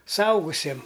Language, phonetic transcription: Lithuanian, suˈaugusiem

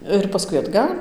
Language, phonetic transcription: Lithuanian, ir paˈskui atˈgal'

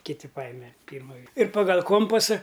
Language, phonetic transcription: Lithuanian, kiˈti ˈpajime ˈpyrma vie ir pagal' ˈkompasa

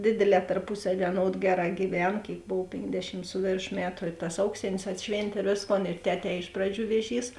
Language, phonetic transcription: Lithuanian, ˈdėdėˌlē tarˈpusaˌvie aˈnod ˈgeˌrā gyˈven ˈkėik ˈbov ˈpėnkˌdešim ˈsu vėrˌšo ˈmetu i tas ˈauksėnės atˈšvėntė ir ˈvėsˌkon ir ˈteˌtē ˈiš praˌdžių ˈvėˌžys

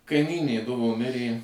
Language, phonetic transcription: Lithuanian, kaiˈmynė ˈduvo ˈmirė

